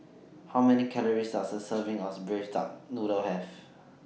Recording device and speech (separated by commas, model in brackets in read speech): mobile phone (iPhone 6), read sentence